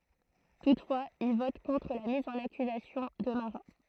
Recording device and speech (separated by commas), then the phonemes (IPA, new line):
throat microphone, read sentence
tutfwaz il vɔt kɔ̃tʁ la miz ɑ̃n akyzasjɔ̃ də maʁa